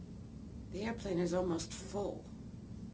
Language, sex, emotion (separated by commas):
English, female, neutral